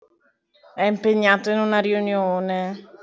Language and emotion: Italian, sad